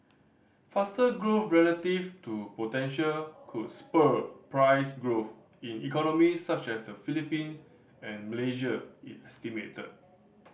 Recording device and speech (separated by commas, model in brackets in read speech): boundary microphone (BM630), read sentence